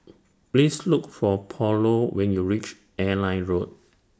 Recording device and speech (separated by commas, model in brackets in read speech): standing microphone (AKG C214), read sentence